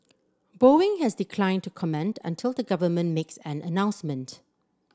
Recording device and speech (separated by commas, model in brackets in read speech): standing microphone (AKG C214), read sentence